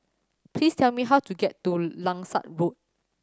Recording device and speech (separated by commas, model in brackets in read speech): standing microphone (AKG C214), read sentence